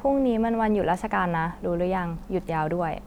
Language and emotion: Thai, neutral